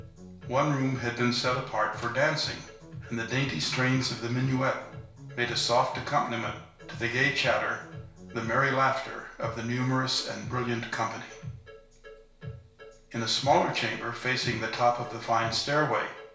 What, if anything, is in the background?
Music.